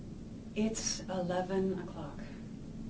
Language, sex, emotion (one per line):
English
female
neutral